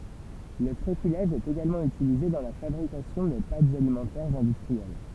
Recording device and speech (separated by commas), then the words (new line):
temple vibration pickup, read sentence
Le tréfilage est également utilisé dans la fabrication des pâtes alimentaires industrielles.